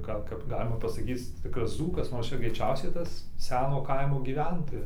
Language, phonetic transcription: Lithuanian, ˈgal kap ˈgalima pasaˈkyc ˈtikras ˈdzūkas ˈnor ˈčia greiˈčiausiai ˈtas ˈseno ˈkaimo gyˈventojas

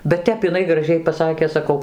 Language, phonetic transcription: Lithuanian, bet ˈtep iˈnai graˈžiai paˈsakė saˈkau

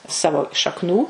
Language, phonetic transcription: Lithuanian, ˈsavo šakˈnų

